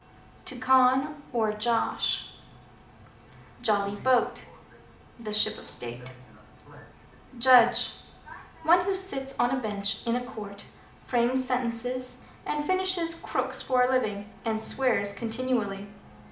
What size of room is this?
A medium-sized room (about 5.7 m by 4.0 m).